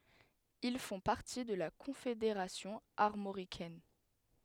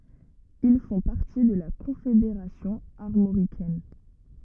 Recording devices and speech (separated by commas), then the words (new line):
headset microphone, rigid in-ear microphone, read sentence
Ils font partie de la Confédération armoricaine.